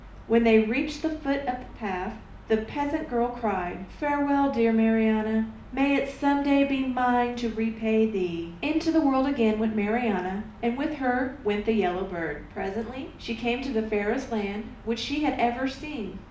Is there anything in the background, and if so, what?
Nothing.